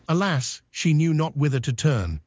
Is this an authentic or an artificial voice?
artificial